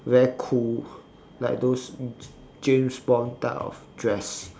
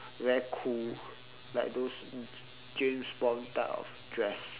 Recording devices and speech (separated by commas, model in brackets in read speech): standing microphone, telephone, conversation in separate rooms